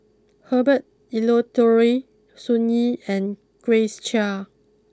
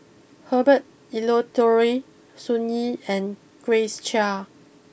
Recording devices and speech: close-talking microphone (WH20), boundary microphone (BM630), read sentence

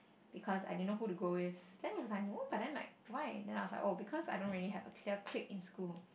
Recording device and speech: boundary microphone, conversation in the same room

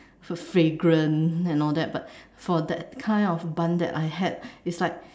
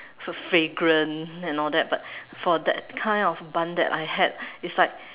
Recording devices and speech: standing microphone, telephone, conversation in separate rooms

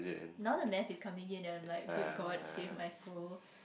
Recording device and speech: boundary microphone, conversation in the same room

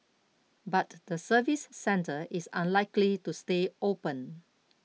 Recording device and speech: mobile phone (iPhone 6), read sentence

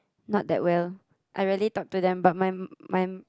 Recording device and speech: close-talking microphone, conversation in the same room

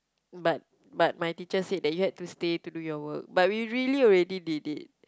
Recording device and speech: close-talking microphone, conversation in the same room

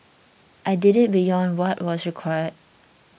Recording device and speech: boundary microphone (BM630), read sentence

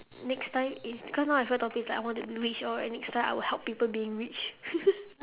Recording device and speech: telephone, conversation in separate rooms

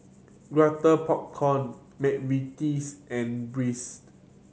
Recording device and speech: mobile phone (Samsung C7100), read sentence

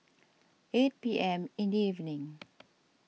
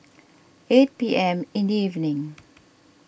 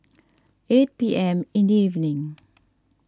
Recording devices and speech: mobile phone (iPhone 6), boundary microphone (BM630), standing microphone (AKG C214), read sentence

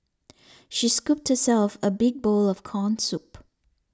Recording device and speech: standing microphone (AKG C214), read sentence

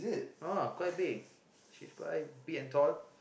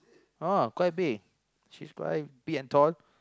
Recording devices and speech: boundary microphone, close-talking microphone, conversation in the same room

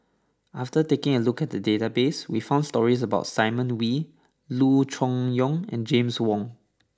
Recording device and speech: standing microphone (AKG C214), read sentence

